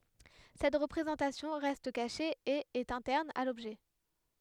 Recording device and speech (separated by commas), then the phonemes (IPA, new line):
headset microphone, read sentence
sɛt ʁəpʁezɑ̃tasjɔ̃ ʁɛst kaʃe e ɛt ɛ̃tɛʁn a lɔbʒɛ